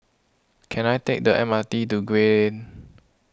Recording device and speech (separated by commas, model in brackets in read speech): close-talking microphone (WH20), read sentence